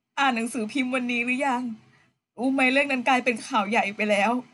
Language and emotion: Thai, sad